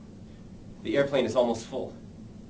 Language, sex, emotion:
English, male, neutral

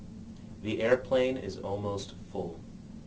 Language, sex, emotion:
English, male, neutral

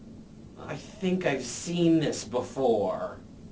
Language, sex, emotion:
English, male, disgusted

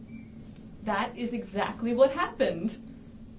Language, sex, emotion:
English, female, happy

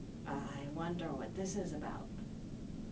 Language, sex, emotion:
English, female, neutral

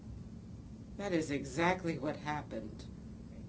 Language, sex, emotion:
English, female, neutral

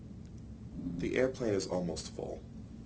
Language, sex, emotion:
English, male, neutral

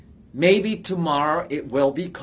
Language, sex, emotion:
English, male, disgusted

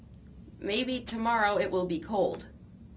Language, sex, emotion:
English, female, neutral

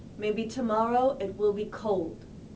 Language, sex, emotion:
English, female, neutral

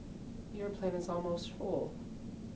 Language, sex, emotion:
English, male, neutral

